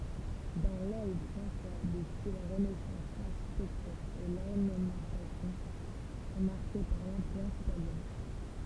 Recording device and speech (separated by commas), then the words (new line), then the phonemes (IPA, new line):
temple vibration pickup, read sentence
Dans l'aile François, de style Renaissance, l'architecture et l'ornementation sont marquées par l'influence italienne.
dɑ̃ lɛl fʁɑ̃swa də stil ʁənɛsɑ̃s laʁʃitɛktyʁ e lɔʁnəmɑ̃tasjɔ̃ sɔ̃ maʁke paʁ lɛ̃flyɑ̃s italjɛn